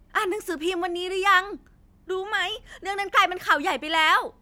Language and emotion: Thai, happy